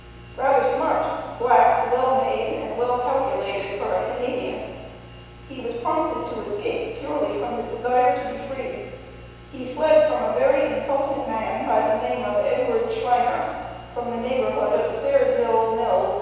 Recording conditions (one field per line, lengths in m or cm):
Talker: one person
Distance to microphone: 7.1 m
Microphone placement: far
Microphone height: 1.7 m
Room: very reverberant, large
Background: none